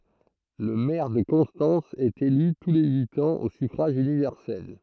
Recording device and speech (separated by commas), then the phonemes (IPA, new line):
throat microphone, read sentence
lə mɛʁ də kɔ̃stɑ̃s ɛt ely tu le yit ɑ̃z o syfʁaʒ ynivɛʁsɛl